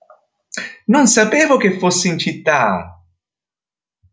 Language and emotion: Italian, surprised